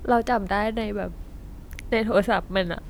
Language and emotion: Thai, sad